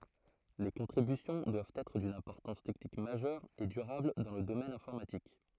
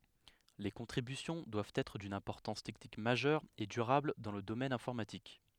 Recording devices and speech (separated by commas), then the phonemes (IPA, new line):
throat microphone, headset microphone, read sentence
le kɔ̃tʁibysjɔ̃ dwavt ɛtʁ dyn ɛ̃pɔʁtɑ̃s tɛknik maʒœʁ e dyʁabl dɑ̃ lə domɛn ɛ̃fɔʁmatik